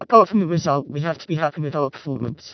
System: VC, vocoder